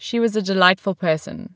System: none